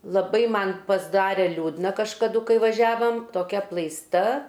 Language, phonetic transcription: Lithuanian, laˈbai ˈman pasˈdare ˈliūdna kažkaˈdu kai vaˈžiavam toˈkia aplaisˈta

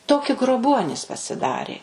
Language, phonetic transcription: Lithuanian, ˈtoki groˈbuonys pasiˈdarė

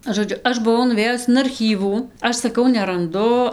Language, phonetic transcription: Lithuanian, žoˈdžiu ˈaš ˈbuvau nuˈvėjus in arˈchyvų ˈaš saˈkau neranˈdu

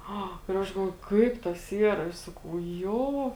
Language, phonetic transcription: Lithuanian, ˈa ir ˈaš galˈvoju ˈkaip tas ˈyra ir ˈsakau ˈjo

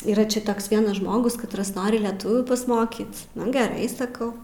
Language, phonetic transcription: Lithuanian, yˈra ˈčia ˈtoks ˈvienas ˈžmogus katˈras ˈnori leˈtuvių pasˈmokyt ˈnu geˈrai saˈkau

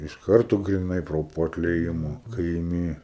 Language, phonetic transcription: Lithuanian, iš ˈkarto griˈnai ˈpro po atlieˈjimo kai iˈmi

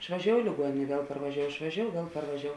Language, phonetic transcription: Lithuanian, išvaˈžiou i liguoˈnėn' ˈviel parvaˈžiou išvaˈžiou ˈviel parvaˈžiou

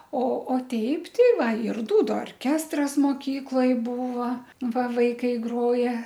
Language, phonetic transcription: Lithuanian, o o ˈteip ˈti ˈva ir ˈdūdu orˈkestras moˈkykloj ˈbūva ˈva ˈvaikai ˈgroja

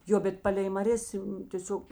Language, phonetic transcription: Lithuanian, ˈjo bet ˈpalei maˈrės tėˈsiog

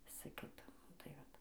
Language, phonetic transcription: Lithuanian, ˈvisa ˈkita ˈnu tai ˈvat

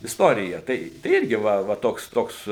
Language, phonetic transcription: Lithuanian, istorija ˈtai tai ˈirgi ˈva va ˈtoks ˈtoks

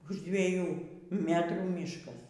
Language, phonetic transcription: Lithuanian, už dvieˈjų ˈmetrų ˈmyškas

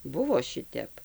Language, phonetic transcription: Lithuanian, ˈbuvo ˈšitep

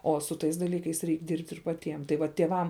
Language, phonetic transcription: Lithuanian, o su ˈtais daˈlykais ˈreik ˈdirbt' ir paˈtiem tai ˈva tėˈvam

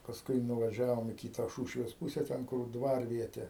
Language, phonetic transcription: Lithuanian, pasˈkui nuvaˈžiavom į ˈkyta ˈšūšvės ˈpūse ˈten kur ˈdvarviete

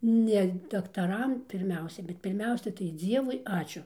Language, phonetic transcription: Lithuanian, ne daktaˈram pirˈmiausia bet pirˈmiausia tai ˈdzievui ˈačiu

